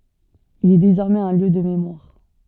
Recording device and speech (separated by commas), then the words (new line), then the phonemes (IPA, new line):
soft in-ear microphone, read sentence
Il est désormais un lieu de mémoire.
il ɛ dezɔʁmɛz œ̃ ljø də memwaʁ